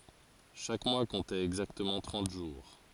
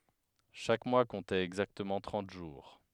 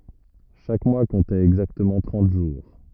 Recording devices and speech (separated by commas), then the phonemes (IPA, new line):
forehead accelerometer, headset microphone, rigid in-ear microphone, read sentence
ʃak mwa kɔ̃tɛt ɛɡzaktəmɑ̃ tʁɑ̃t ʒuʁ